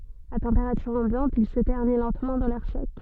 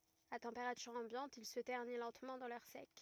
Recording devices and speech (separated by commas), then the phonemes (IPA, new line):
soft in-ear microphone, rigid in-ear microphone, read sentence
a tɑ̃peʁatyʁ ɑ̃bjɑ̃t il sə tɛʁni lɑ̃tmɑ̃ dɑ̃ lɛʁ sɛk